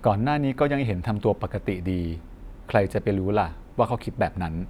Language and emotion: Thai, neutral